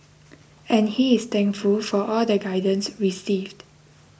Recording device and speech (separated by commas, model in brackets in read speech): boundary microphone (BM630), read sentence